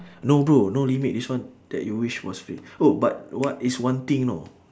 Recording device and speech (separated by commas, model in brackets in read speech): standing microphone, conversation in separate rooms